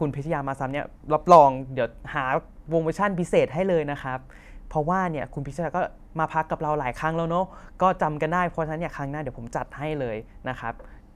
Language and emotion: Thai, neutral